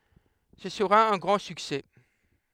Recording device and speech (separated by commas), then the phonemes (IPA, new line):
headset microphone, read sentence
sə səʁa œ̃ ɡʁɑ̃ syksɛ